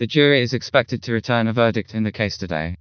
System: TTS, vocoder